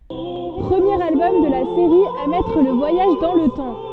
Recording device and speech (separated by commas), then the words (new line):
soft in-ear microphone, read sentence
Premier album de la série à mettre le voyage dans le temps.